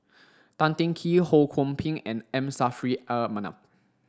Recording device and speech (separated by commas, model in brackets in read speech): standing microphone (AKG C214), read sentence